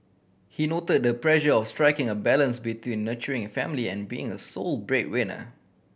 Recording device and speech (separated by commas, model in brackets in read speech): boundary microphone (BM630), read sentence